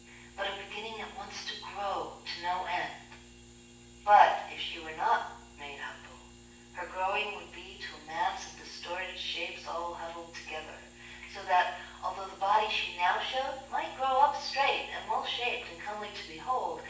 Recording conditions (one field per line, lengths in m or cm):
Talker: one person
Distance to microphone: 9.8 m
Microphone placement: far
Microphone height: 1.8 m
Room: large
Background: none